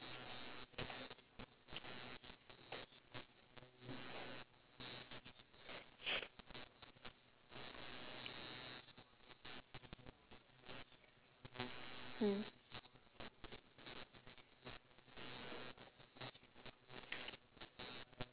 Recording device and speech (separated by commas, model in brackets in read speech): telephone, conversation in separate rooms